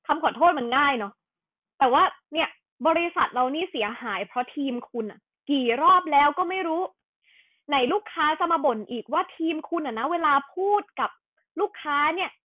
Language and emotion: Thai, angry